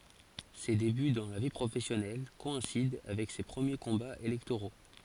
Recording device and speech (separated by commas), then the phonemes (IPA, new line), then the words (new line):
forehead accelerometer, read sentence
se deby dɑ̃ la vi pʁofɛsjɔnɛl kɔɛ̃sid avɛk se pʁəmje kɔ̃baz elɛktoʁo
Ses débuts dans la vie professionnelle coïncident avec ses premiers combats électoraux.